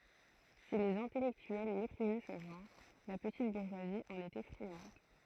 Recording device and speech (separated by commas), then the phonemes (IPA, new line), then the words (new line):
throat microphone, read sentence
si lez ɛ̃tɛlɛktyɛl mepʁizɛ sə ʒɑ̃ʁ la pətit buʁʒwazi ɑ̃n etɛ fʁiɑ̃d
Si les intellectuels méprisaient ce genre, la petite bourgeoisie en était friande.